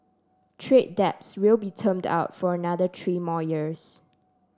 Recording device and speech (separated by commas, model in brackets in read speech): standing microphone (AKG C214), read sentence